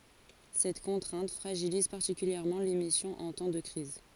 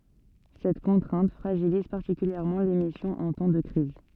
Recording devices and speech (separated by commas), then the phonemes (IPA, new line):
forehead accelerometer, soft in-ear microphone, read sentence
sɛt kɔ̃tʁɛ̃t fʁaʒiliz paʁtikyljɛʁmɑ̃ lemisjɔ̃ ɑ̃ tɑ̃ də kʁiz